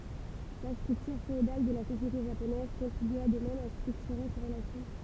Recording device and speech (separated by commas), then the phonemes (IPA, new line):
temple vibration pickup, read sentence
la stʁyktyʁ feodal də la sosjete ʒaponɛz kɔ̃tʁibya də mɛm a stʁyktyʁe se ʁəlasjɔ̃